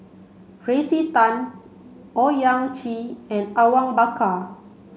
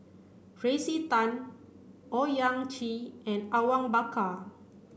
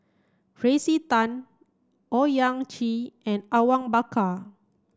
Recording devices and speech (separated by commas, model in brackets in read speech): mobile phone (Samsung C5), boundary microphone (BM630), standing microphone (AKG C214), read sentence